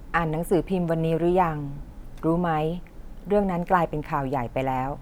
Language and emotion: Thai, neutral